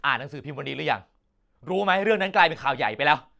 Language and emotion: Thai, angry